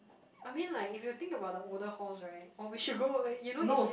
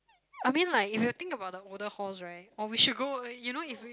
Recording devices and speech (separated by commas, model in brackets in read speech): boundary microphone, close-talking microphone, conversation in the same room